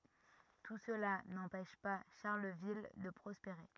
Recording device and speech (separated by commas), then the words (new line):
rigid in-ear microphone, read sentence
Tout cela n'empêche pas Charleville de prospérer.